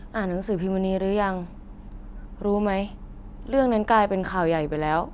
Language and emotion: Thai, frustrated